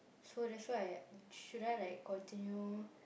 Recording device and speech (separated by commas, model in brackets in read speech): boundary microphone, conversation in the same room